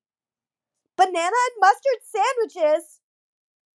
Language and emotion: English, disgusted